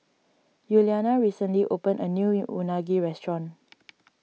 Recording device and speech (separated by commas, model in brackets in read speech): mobile phone (iPhone 6), read sentence